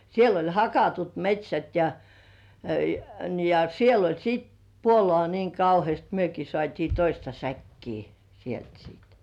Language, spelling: Finnish, siellä oli hakatut metsät ja ja ja niin siellä oli sitten puolukkaa niin kauheasti mekin saatiin toista säkkiä sieltä sitten
- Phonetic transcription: siel ‿oĺ "hakatut 'met́śät ja , ja ja ni siel ‿oĺ 'sit , "puolŏà niiŋ "kauhièst 'myöki sŏ§àt́ii "toista 'säkkii , sielt siit .

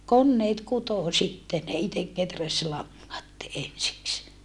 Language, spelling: Finnish, koneet kutoi sitten ne itse kehäsi langat ensiksi
- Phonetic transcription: konneet kutò sitte ne itek keträs laŋŋat , ensiks .

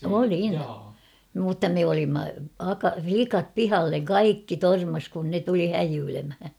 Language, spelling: Finnish, olin mutta me olimme - likat pihalle kaikki törmäsi kun ne tuli häijyilemään
- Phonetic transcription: olin mutta 'me olimma aka- "flikap "pihalleŋ "kaikki "tormas kun 'ne tuli "häjyylemhä .

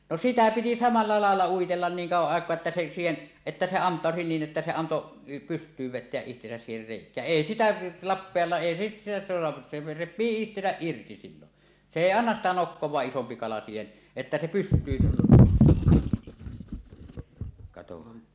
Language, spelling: Finnish, no sitä piti samalla lailla uitella niin kauan aikaa että se siihen että se antautui niin että se antoi pystyyn vetää itsensä siihen reikään ei sitä lappeellaan ei sitten sitä saa se repii itsensä irti silloin se ei anna sitä nokkaansa isompi kala siihen että se pystyyn katsohan
- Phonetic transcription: no "sitä piti "samalla 'làella uitellan 'niiŋ 'kauwaˀ 'ˀàek̀oa että se siihen , että 'se "ant̀àosi niin ’että se 'anto , "pyst̀yyv 'vet̆teäˀ 'ˀihtesäs siiher rèik̀ää , "èi 'sitä , 'lappeallaa 'ˀèi sit- sitä soa , se rep̆pii 'ihtesäˀ "ˀirti 'sillon , 'se "èi "annas sitä 'nokkoẁaaˀ 'ˀisompi 'kala siihen , että se 'pyst̀yyn - - , katohan .

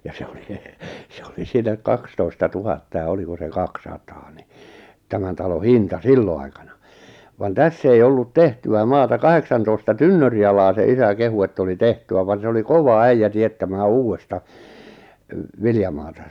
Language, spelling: Finnish, ja se oli se oli siinä kaksitoista tuhatta ja oliko se kaksisataa niin tämän talo hinta silloin aikana vaan tässä ei ollut tehtyä maata kahdeksantoista tynnyrialaa se isä kehui että oli tehtyä vaan se oli kova äijä teettämään uudesta viljamaata
- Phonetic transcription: ja 'se oli , se oli 'siinä "kakstoista 'tuhatta ja 'oliko se "kak'sataa ni , 'tämän talo "hinta "sillo aikana , van "täss ‿ei ollut "tehty₍ä 'maata 'kaheksantoista "tynnöri₍alaa) se 'isä 'kehu ett ‿oli "tehty₍ä van se oli "kova "äijä 'tiet-tämää "uuwesta , 'viljamaata .

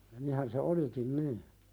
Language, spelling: Finnish, niinhän se olikin niin
- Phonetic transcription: 'nihän se "olikin nii .

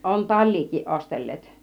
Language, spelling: Finnish, on taliakin ostelleet
- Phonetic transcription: 'on "taĺ̆liik̀iiˀ 'ˀostel̀leet .

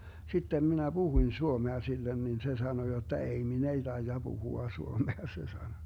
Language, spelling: Finnish, sitten minä puhuin suomea sille niin se sanoi jotta ei minä ei taida puhua suomea se sanoi
- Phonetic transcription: 'sittem 'minä "Buhuⁱn 'suomea 'sillen nin se 'sano jotta » 'ei , 'min ‿ei 'taija 'Buhua 'suomea » se sano .

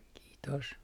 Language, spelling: Finnish, kiitos
- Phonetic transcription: kiitos .

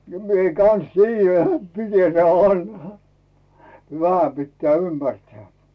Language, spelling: Finnish, minä kanssa tiedän niin että miten tämä vanha vähän pitää ymmärtää
- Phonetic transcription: 'mie kan̬s "tiijjä nᵉt mite teä 'vanha , 'vähä pittᵉä̀ "ymmärtᵉä̀ .

